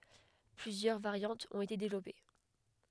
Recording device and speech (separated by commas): headset microphone, read sentence